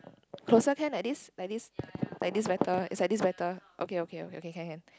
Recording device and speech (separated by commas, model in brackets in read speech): close-talking microphone, conversation in the same room